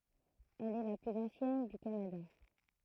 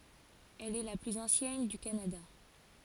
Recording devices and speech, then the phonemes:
throat microphone, forehead accelerometer, read sentence
ɛl ɛ la plyz ɑ̃sjɛn dy kanada

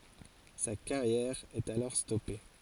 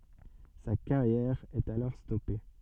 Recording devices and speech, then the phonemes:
forehead accelerometer, soft in-ear microphone, read sentence
sa kaʁjɛʁ ɛt alɔʁ stɔpe

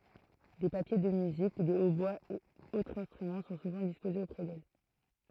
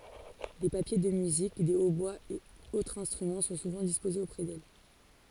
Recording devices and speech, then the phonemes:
throat microphone, forehead accelerometer, read sentence
de papje də myzik de otbwaz e otʁz ɛ̃stʁymɑ̃ sɔ̃ suvɑ̃ dispozez opʁɛ dɛl

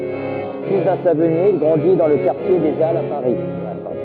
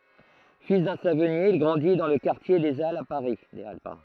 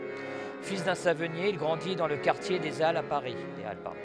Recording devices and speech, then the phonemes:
rigid in-ear microphone, throat microphone, headset microphone, read sentence
fil dœ̃ savɔnje il ɡʁɑ̃di dɑ̃ lə kaʁtje de alz a paʁi

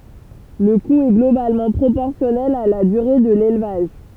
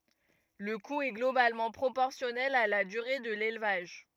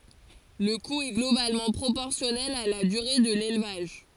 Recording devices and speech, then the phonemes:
temple vibration pickup, rigid in-ear microphone, forehead accelerometer, read sentence
lə ku ɛ ɡlobalmɑ̃ pʁopɔʁsjɔnɛl a la dyʁe də lelvaʒ

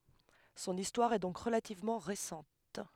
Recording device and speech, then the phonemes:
headset microphone, read sentence
sɔ̃n istwaʁ ɛ dɔ̃k ʁəlativmɑ̃ ʁesɑ̃t

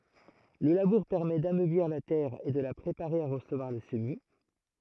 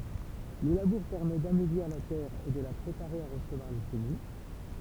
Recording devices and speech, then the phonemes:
throat microphone, temple vibration pickup, read sentence
lə labuʁ pɛʁmɛ damøbliʁ la tɛʁ e də la pʁepaʁe a ʁəsəvwaʁ lə səmi

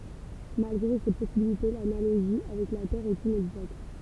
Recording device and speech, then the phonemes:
temple vibration pickup, read sentence
malɡʁe se pɔsibilite lanaloʒi avɛk la tɛʁ ɛt inɛɡzakt

